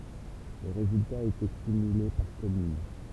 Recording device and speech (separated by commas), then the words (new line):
temple vibration pickup, read sentence
Les résultats étaient cumulés par commune.